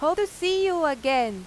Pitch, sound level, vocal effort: 315 Hz, 95 dB SPL, very loud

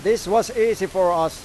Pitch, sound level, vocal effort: 195 Hz, 99 dB SPL, loud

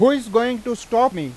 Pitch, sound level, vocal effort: 240 Hz, 98 dB SPL, very loud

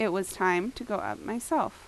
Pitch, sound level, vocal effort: 215 Hz, 82 dB SPL, normal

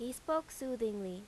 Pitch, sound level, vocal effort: 245 Hz, 86 dB SPL, loud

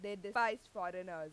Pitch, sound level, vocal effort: 205 Hz, 96 dB SPL, very loud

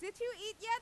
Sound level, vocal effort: 102 dB SPL, very loud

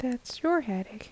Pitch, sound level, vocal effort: 245 Hz, 73 dB SPL, soft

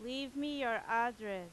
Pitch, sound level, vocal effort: 235 Hz, 93 dB SPL, very loud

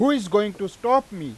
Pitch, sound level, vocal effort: 205 Hz, 98 dB SPL, very loud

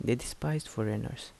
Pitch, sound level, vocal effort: 105 Hz, 74 dB SPL, soft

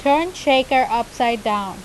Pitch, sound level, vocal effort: 255 Hz, 91 dB SPL, loud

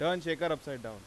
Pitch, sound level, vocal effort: 155 Hz, 94 dB SPL, loud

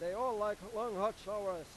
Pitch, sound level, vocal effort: 210 Hz, 103 dB SPL, loud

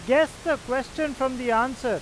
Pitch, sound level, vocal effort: 265 Hz, 97 dB SPL, very loud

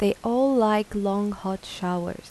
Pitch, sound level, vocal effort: 205 Hz, 82 dB SPL, soft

